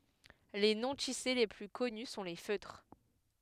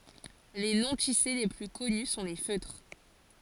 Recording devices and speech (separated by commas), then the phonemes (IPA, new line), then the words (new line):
headset microphone, forehead accelerometer, read sentence
le nɔ̃tise le ply kɔny sɔ̃ le føtʁ
Les non-tissés les plus connus sont les feutres.